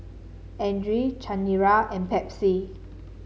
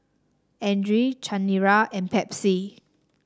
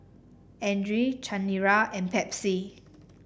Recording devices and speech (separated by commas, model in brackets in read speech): mobile phone (Samsung C7), standing microphone (AKG C214), boundary microphone (BM630), read sentence